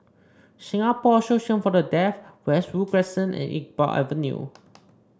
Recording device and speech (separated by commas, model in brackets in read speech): standing microphone (AKG C214), read sentence